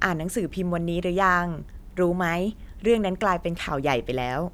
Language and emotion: Thai, neutral